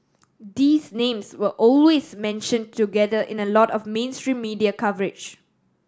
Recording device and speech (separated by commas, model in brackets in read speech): standing microphone (AKG C214), read sentence